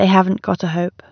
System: none